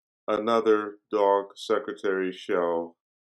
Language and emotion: English, sad